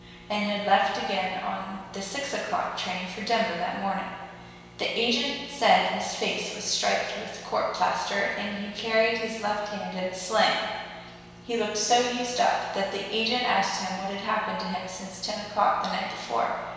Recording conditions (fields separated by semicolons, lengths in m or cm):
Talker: one person; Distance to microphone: 1.7 m; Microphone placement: close; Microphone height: 1.0 m; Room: very reverberant, large; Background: none